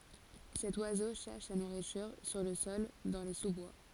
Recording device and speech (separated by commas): forehead accelerometer, read sentence